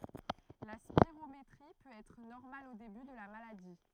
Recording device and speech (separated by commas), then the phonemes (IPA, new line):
throat microphone, read sentence
la spiʁometʁi pøt ɛtʁ nɔʁmal o deby də la maladi